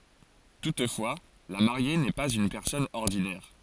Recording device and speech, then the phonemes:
forehead accelerometer, read sentence
tutfwa la maʁje nɛ paz yn pɛʁsɔn ɔʁdinɛʁ

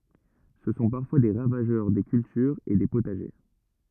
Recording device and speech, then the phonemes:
rigid in-ear microphone, read sentence
sə sɔ̃ paʁfwa de ʁavaʒœʁ de kyltyʁz e de potaʒe

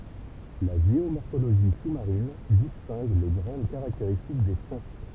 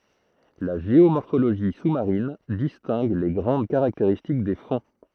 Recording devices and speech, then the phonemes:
temple vibration pickup, throat microphone, read sentence
la ʒeomɔʁfoloʒi su maʁin distɛ̃ɡ le ɡʁɑ̃d kaʁakteʁistik de fɔ̃

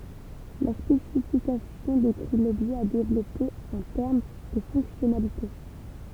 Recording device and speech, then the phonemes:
temple vibration pickup, read sentence
la spesifikasjɔ̃ dekʁi lɔbʒɛ a devlɔpe ɑ̃ tɛʁm də fɔ̃ksjɔnalite

